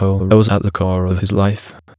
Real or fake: fake